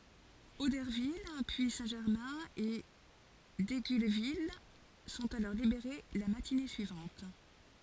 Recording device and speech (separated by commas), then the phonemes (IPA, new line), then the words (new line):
forehead accelerometer, read sentence
odɛʁvil pyi sɛ̃tʒɛʁmɛ̃ e diɡylvil sɔ̃t alɔʁ libeʁe la matine syivɑ̃t
Auderville, puis Saint-Germain et Digulleville sont alors libérées la matinée suivante.